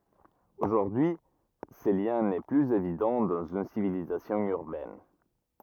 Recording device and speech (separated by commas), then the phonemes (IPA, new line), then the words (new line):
rigid in-ear microphone, read sentence
oʒuʁdyi y sə ljɛ̃ nɛ plyz evidɑ̃ dɑ̃z yn sivilizasjɔ̃ yʁbɛn
Aujourd'hui ce lien n'est plus évident dans une civilisation urbaine.